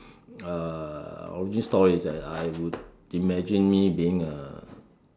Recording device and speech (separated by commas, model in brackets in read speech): standing microphone, conversation in separate rooms